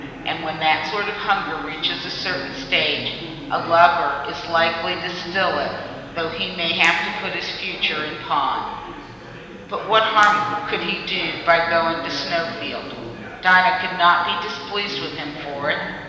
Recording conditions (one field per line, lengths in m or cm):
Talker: one person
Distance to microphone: 1.7 m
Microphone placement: close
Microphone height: 1.0 m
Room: very reverberant, large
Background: babble